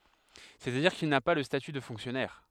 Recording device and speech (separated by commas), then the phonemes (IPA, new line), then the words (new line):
headset microphone, read sentence
sɛstadiʁ kil na pa lə staty də fɔ̃ksjɔnɛʁ
C'est-à-dire qu'il n'a pas le statut de fonctionnaire.